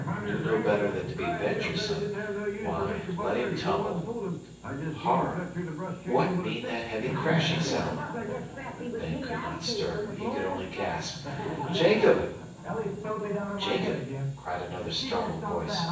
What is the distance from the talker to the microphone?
9.8 m.